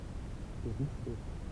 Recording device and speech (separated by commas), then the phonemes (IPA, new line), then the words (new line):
temple vibration pickup, read sentence
le ʁuslɛ
Les Rousselets.